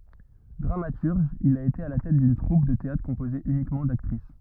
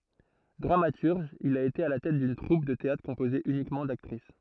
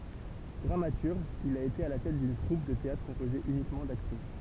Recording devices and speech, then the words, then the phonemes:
rigid in-ear microphone, throat microphone, temple vibration pickup, read sentence
Dramaturge, il a été à la tête d'une troupe de théâtre composée uniquement d'actrices.
dʁamatyʁʒ il a ete a la tɛt dyn tʁup də teatʁ kɔ̃poze ynikmɑ̃ daktʁis

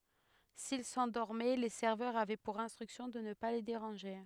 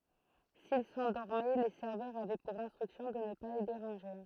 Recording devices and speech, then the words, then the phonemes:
headset microphone, throat microphone, read sentence
S'ils s'endormaient, les serveurs avaient pour instruction de ne pas les déranger.
sil sɑ̃dɔʁmɛ le sɛʁvœʁz avɛ puʁ ɛ̃stʁyksjɔ̃ də nə pa le deʁɑ̃ʒe

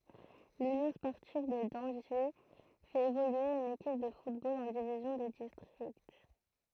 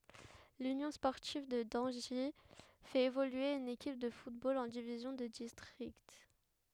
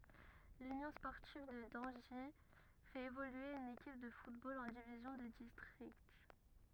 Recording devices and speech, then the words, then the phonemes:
throat microphone, headset microphone, rigid in-ear microphone, read sentence
L'Union sportive de Dangy fait évoluer une équipe de football en division de district.
lynjɔ̃ spɔʁtiv də dɑ̃ʒi fɛt evolye yn ekip də futbol ɑ̃ divizjɔ̃ də distʁikt

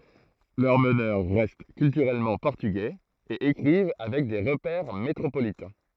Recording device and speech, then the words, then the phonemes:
throat microphone, read sentence
Leurs meneurs restent culturellement portugais, et écrivent avec des repères métropolitains.
lœʁ mənœʁ ʁɛst kyltyʁɛlmɑ̃ pɔʁtyɡɛz e ekʁiv avɛk de ʁəpɛʁ metʁopolitɛ̃

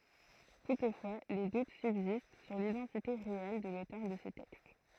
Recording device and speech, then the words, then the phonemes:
throat microphone, read sentence
Toutefois, des doutes subsistent sur l'identité réelle de l'auteur de ce texte.
tutfwa de dut sybzist syʁ lidɑ̃tite ʁeɛl də lotœʁ də sə tɛkst

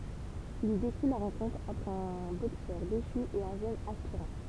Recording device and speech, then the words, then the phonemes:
temple vibration pickup, read sentence
Il y décrit la rencontre entre un boxeur déchu et un jeune aspirant.
il i dekʁi la ʁɑ̃kɔ̃tʁ ɑ̃tʁ œ̃ boksœʁ deʃy e œ̃ ʒøn aspiʁɑ̃

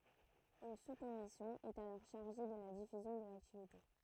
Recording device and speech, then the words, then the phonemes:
throat microphone, read sentence
Une sous-commission est alors chargée de la diffusion de l'activité.
yn suskɔmisjɔ̃ ɛt alɔʁ ʃaʁʒe də la difyzjɔ̃ də laktivite

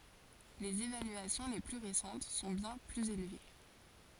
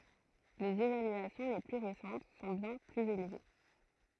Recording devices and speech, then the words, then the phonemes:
forehead accelerometer, throat microphone, read sentence
Les évaluations les plus récentes sont bien plus élevées.
lez evalyasjɔ̃ le ply ʁesɑ̃t sɔ̃ bjɛ̃ plyz elve

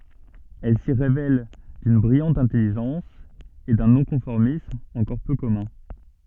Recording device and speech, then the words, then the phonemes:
soft in-ear microphone, read sentence
Elle s'y révèle d'une brillante intelligence et d'un non-conformisme encore peu commun.
ɛl si ʁevɛl dyn bʁijɑ̃t ɛ̃tɛliʒɑ̃s e dœ̃ nɔ̃kɔ̃fɔʁmism ɑ̃kɔʁ pø kɔmœ̃

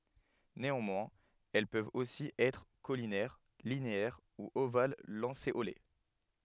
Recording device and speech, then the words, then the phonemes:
headset microphone, read sentence
Néanmoins, elles peuvent aussi être caulinaires, linéaires ou ovales-lancéolées.
neɑ̃mwɛ̃z ɛl pøvt osi ɛtʁ kolinɛʁ lineɛʁ u oval lɑ̃seole

